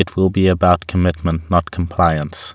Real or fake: real